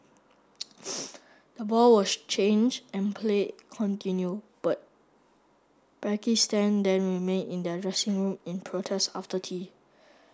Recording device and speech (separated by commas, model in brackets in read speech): standing microphone (AKG C214), read sentence